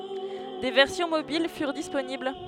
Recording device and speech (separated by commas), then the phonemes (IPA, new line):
headset microphone, read sentence
de vɛʁsjɔ̃ mobil fyʁ disponibl